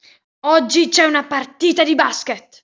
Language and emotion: Italian, angry